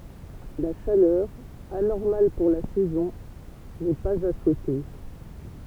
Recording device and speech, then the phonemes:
temple vibration pickup, read sentence
la ʃalœʁ anɔʁmal puʁ la sɛzɔ̃ nɛ paz a suɛte

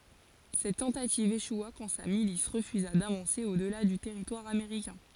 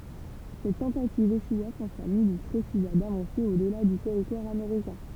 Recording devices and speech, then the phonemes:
forehead accelerometer, temple vibration pickup, read sentence
sɛt tɑ̃tativ eʃwa kɑ̃ sa milis ʁəfyza davɑ̃se o dəla dy tɛʁitwaʁ ameʁikɛ̃

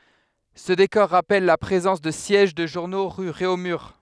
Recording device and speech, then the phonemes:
headset microphone, read sentence
sə dekɔʁ ʁapɛl la pʁezɑ̃s də sjɛʒ də ʒuʁno ʁy ʁeomyʁ

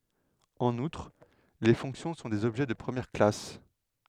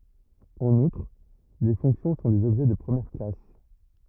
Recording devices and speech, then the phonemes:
headset microphone, rigid in-ear microphone, read sentence
ɑ̃n utʁ le fɔ̃ksjɔ̃ sɔ̃ dez ɔbʒɛ də pʁəmjɛʁ klas

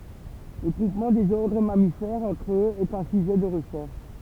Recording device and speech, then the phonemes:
temple vibration pickup, read sentence
lə ɡʁupmɑ̃ dez ɔʁdʁ mamifɛʁz ɑ̃tʁ øz ɛt œ̃ syʒɛ də ʁəʃɛʁʃ

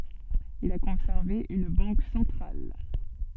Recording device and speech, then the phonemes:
soft in-ear microphone, read sentence
il a kɔ̃sɛʁve yn bɑ̃k sɑ̃tʁal

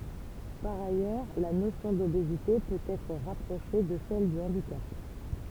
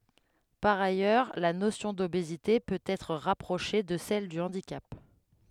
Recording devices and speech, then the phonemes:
temple vibration pickup, headset microphone, read sentence
paʁ ajœʁ la nosjɔ̃ dobezite pøt ɛtʁ ʁapʁoʃe də sɛl dy ɑ̃dikap

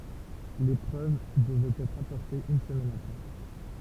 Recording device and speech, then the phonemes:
temple vibration pickup, read sentence
le pʁøv dəvɛt ɛtʁ apɔʁtez yn səmɛn apʁɛ

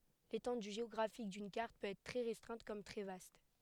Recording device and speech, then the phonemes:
headset microphone, read sentence
letɑ̃dy ʒeɔɡʁafik dyn kaʁt pøt ɛtʁ tʁɛ ʁɛstʁɛ̃t kɔm tʁɛ vast

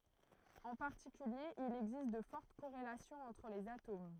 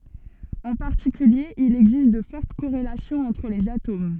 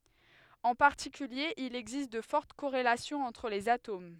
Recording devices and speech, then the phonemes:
throat microphone, soft in-ear microphone, headset microphone, read sentence
ɑ̃ paʁtikylje il ɛɡzist də fɔʁt koʁelasjɔ̃z ɑ̃tʁ lez atom

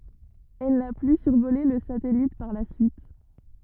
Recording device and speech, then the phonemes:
rigid in-ear microphone, read sentence
ɛl na ply syʁvole lə satɛlit paʁ la syit

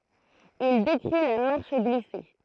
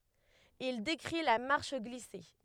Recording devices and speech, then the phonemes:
throat microphone, headset microphone, read sentence
il dekʁi la maʁʃ ɡlise

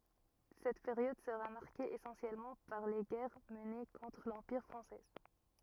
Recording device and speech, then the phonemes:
rigid in-ear microphone, read sentence
sɛt peʁjɔd səʁa maʁke esɑ̃sjɛlmɑ̃ paʁ le ɡɛʁ məne kɔ̃tʁ lɑ̃piʁ fʁɑ̃sɛ

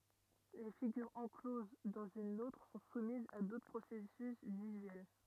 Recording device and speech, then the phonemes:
rigid in-ear microphone, read sentence
le fiɡyʁz ɑ̃kloz dɑ̃z yn otʁ sɔ̃ sumizz a dotʁ pʁosɛsys vizyɛl

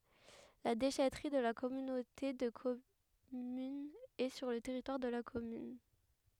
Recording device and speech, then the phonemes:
headset microphone, read sentence
la deʃɛtʁi də la kɔmynote də kɔmyn ɛ syʁ lə tɛʁitwaʁ də la kɔmyn

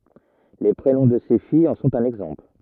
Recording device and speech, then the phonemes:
rigid in-ear microphone, read sentence
le pʁenɔ̃ də se fijz ɑ̃ sɔ̃t œ̃n ɛɡzɑ̃pl

